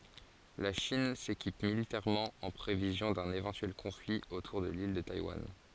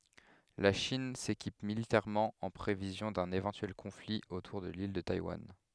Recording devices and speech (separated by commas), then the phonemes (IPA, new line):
forehead accelerometer, headset microphone, read sentence
la ʃin sekip militɛʁmɑ̃ ɑ̃ pʁevizjɔ̃ dœ̃n evɑ̃tyɛl kɔ̃fli otuʁ də lil də tajwan